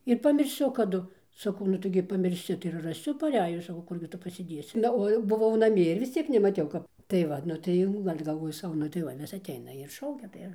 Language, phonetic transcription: Lithuanian, ir pamirˈsiu kaˈdu saˈkau nu taiˈgi pamirˈsi tai ir raˈsiu paˈrejus saˈkau ˈkurgi ˈtu pasiˈdėsi ˈna o jau buˈvau naˈmie ir vis ˈciek nemaˈtiau ˈkap tai ˈvat nu ˈtai jau gal' galˈvoju ˈsau ˈnu tai ˈva vis atˈeina ir ˈšaukia tai ˈir

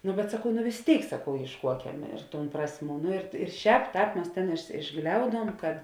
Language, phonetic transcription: Lithuanian, nu bet saˈkau nu vis ˈtėik saˈkau ėišˈkuokem ir tūn ˈprasˌmių nu ir ir ˈšēp ˈtāp ˈmes tėn išˈgliauduom kad

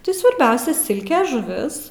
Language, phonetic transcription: Lithuanian, ˈtai svarˈbiausia ˈsilke žuˈvis

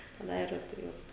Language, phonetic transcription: Lithuanian, teˈnai ir tai ˈvat

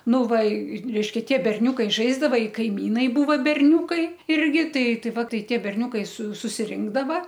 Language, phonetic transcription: Lithuanian, ˈnu ˈva i ˈreiškia ˈtie berˈniūkai ˈžaisdava i kaiˈmynai ˈbūva berˈniūkai ˈirgi ˈtai ˈtai ˈva ˈtai ˈtie berˈniūkai su susiˈrinkdava

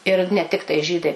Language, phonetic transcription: Lithuanian, ir ne ˈtiktai ˈžydai

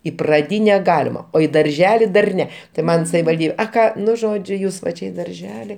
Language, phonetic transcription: Lithuanian, į praˈdyne ˈgalima o į darˈželi dar ˈne tai ˈman savivalˈdybe a ˈką ˈnu ˈžodžiu ˈjūs va ˈčia i darˈželi

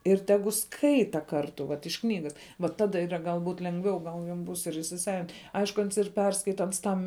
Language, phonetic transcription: Lithuanian, ir ˈtegu ˈskaita ˈkartu vat iš ˈknygas va ˈtada ˈyra galˈbūt lenˈgviau ˈgal jam ˈbūs ir įsiˈsavint' ˈaišku ˈans ir ˈperskaita ˈans ˈtam

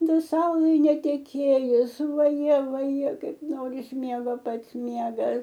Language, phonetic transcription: Lithuanian, da ˈsaulai neteˈkėjus vaˈje vaˈje ˈkaip ˈnoris ˈmiego ˈpats ˈmiegas

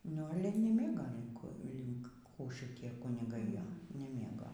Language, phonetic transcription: Lithuanian, nu ˈale nyˈmėgo linˈkų linkˈ kų šiˈtie kuniˈgai ˈjo neˈmėgo

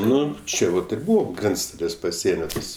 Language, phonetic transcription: Lithuanian, ˈnu ˈčia vat ir ˈbūvo ˈgrenctalės paˈsienio ˈtas

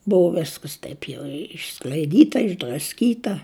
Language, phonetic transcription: Lithuanian, ˈbuvo ˈviskas ˈtaip jau išskl'aiˈdyta išdrasˈkyta

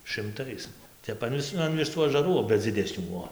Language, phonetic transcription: Lithuanian, šɨmˈtais ˈtep an ˈvis an viˈsų ažaˈrų ˈva dziˈdesnių ˈbuo

